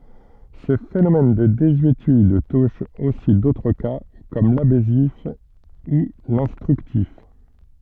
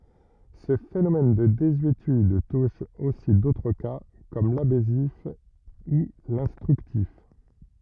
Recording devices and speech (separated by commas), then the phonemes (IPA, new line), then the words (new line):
soft in-ear microphone, rigid in-ear microphone, read sentence
sə fenomɛn də dezyetyd tuʃ osi dotʁ ka kɔm labɛsif u lɛ̃stʁyktif
Ce phénomène de désuétude touche aussi d'autres cas, comme l'abessif ou l'instructif.